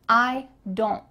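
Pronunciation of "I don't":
In 'I don't', the t at the end of 'don't' is cut out.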